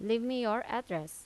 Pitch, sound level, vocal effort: 220 Hz, 87 dB SPL, normal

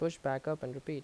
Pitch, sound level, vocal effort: 140 Hz, 81 dB SPL, normal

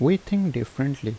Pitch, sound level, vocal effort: 140 Hz, 79 dB SPL, normal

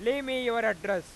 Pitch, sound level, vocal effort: 230 Hz, 103 dB SPL, very loud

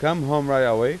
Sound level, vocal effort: 94 dB SPL, loud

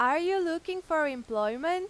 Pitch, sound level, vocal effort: 330 Hz, 96 dB SPL, very loud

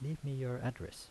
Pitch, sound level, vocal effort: 130 Hz, 77 dB SPL, soft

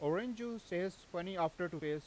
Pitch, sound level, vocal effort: 175 Hz, 92 dB SPL, loud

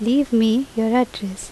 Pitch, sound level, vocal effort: 230 Hz, 81 dB SPL, normal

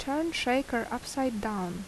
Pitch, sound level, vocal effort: 245 Hz, 77 dB SPL, normal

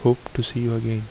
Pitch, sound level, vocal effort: 120 Hz, 74 dB SPL, soft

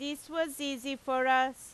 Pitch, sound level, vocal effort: 275 Hz, 95 dB SPL, very loud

